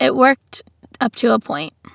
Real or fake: real